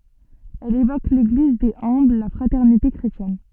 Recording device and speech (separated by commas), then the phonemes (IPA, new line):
soft in-ear microphone, read sentence
ɛl evok leɡliz dez œ̃bl la fʁatɛʁnite kʁetjɛn